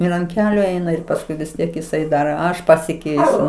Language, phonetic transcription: Lithuanian, ˈir ant ˈkeliu ˈeina ir pasˈkui vis ˈtiek jiˈsai ˈdar ˈaš pasiˈkeisiu

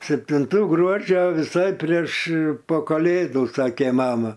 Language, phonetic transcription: Lithuanian, septinˈtų ˈgruodžio viˈsai prieš po kaˈlėdų ˈsakė ˈmama

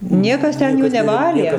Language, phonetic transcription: Lithuanian, ˈniekas ˈten ˈjų neˈvalė

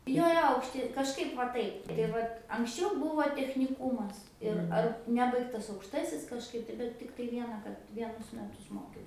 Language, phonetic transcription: Lithuanian, ˈjo ˈjo aukšˈti kažˈkaip va ˈtaip tai ˈvat anksˈčiau ˈbuvo techniˈkūmas ir ˈar ˈnebaigtas aukšˈtasis kažˈkaip tai bet ˈtiktai ˈviena kad ˈvienus ˈmetus ˈmokiaus

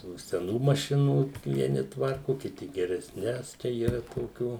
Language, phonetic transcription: Lithuanian, tų seˈnų maˈšinų vieˈni ˈtvarku kiˈti geresˈnes ˈčia yˈra toˈkių

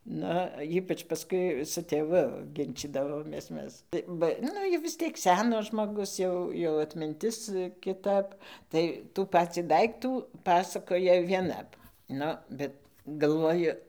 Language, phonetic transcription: Lithuanian, ˈnu ˈypač paˈskui su tėˈvu ˈginčydavomės ˈmes ˈba ˈnu jau vis ˈtiek ˈsenas žmoˈgus ˈjau jau atminˈtis kiˈtap tai tų ˈpacį ˈdaiktų ˈpasakoja ˈvienap ˈnu ˈbet galˈvoju

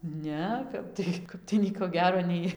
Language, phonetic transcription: Lithuanian, ˈne ˈkap tai ˈkap tai ˈnieko ˈgero ˈnei

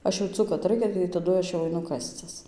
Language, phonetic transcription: Lithuanian, ˈaš jauˈcu kad ˈraikia tai taˈdu ˈaš jau aiˈnu ˈkascis

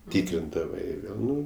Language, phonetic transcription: Lithuanian, ˈtikrindavai ˈvėl ˈnu

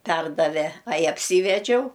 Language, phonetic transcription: Lithuanian, ˈperdave ai apˈsyvedžiau

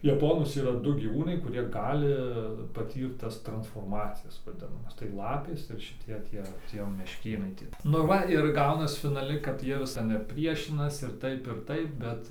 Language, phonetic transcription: Lithuanian, jaˈponus yˈra ˈdu gyˈvūnai kuˈrie ˈgali paˈtyrt ˈtas transforˈmacijas vaˈdinamas tai ˈlapės ir šiˈtie ˈtie ˈtie mešˈkėnai ˈtie nu ˈva ir ˈgaunas finaˈli kad ˈjie vis ten ir ˈpriešinas ir ˈtaip ir ˈtaip ˈbet

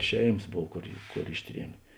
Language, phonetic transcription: Lithuanian, ˈšeimas ˈbov ˈkor ˈkor ˈišˌtriemė

